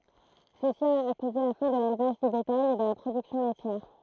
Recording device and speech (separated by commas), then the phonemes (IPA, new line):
throat microphone, read sentence
səsi a koze la fɛ̃ də lelvaʒ dy betaj e də la pʁodyksjɔ̃ lɛtjɛʁ